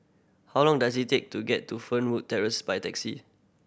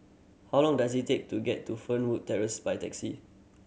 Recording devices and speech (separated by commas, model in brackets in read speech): boundary microphone (BM630), mobile phone (Samsung C7100), read sentence